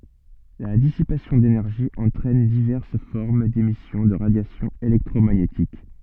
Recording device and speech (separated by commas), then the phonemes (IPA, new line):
soft in-ear microphone, read sentence
la disipasjɔ̃ denɛʁʒi ɑ̃tʁɛn divɛʁs fɔʁm demisjɔ̃ də ʁadjasjɔ̃ elɛktʁomaɲetik